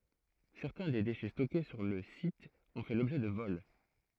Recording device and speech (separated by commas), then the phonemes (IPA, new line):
throat microphone, read sentence
sɛʁtɛ̃ de deʃɛ stɔke syʁ lə sit ɔ̃ fɛ lɔbʒɛ də vɔl